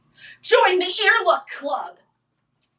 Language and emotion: English, disgusted